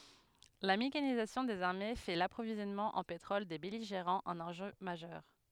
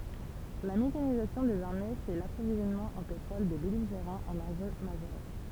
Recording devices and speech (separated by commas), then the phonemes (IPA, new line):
headset microphone, temple vibration pickup, read sentence
la mekanizasjɔ̃ dez aʁme fɛ də lapʁovizjɔnmɑ̃ ɑ̃ petʁɔl de bɛliʒeʁɑ̃z œ̃n ɑ̃ʒø maʒœʁ